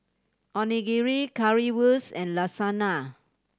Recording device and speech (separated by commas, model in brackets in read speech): standing microphone (AKG C214), read sentence